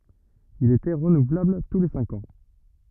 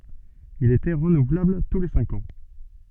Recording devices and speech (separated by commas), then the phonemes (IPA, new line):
rigid in-ear microphone, soft in-ear microphone, read sentence
il etɛ ʁənuvlabl tu le sɛ̃k ɑ̃